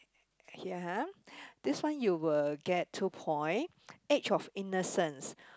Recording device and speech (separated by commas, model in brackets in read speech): close-talking microphone, conversation in the same room